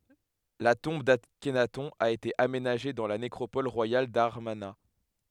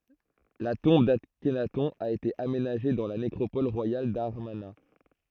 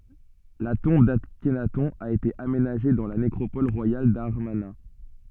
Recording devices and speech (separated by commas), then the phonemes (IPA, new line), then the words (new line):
headset microphone, throat microphone, soft in-ear microphone, read sentence
la tɔ̃b daknatɔ̃ a ete amenaʒe dɑ̃ la nekʁopɔl ʁwajal damaʁna
La tombe d'Akhenaton a été aménagée dans la nécropole royale d'Amarna.